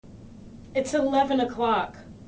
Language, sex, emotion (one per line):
English
female
neutral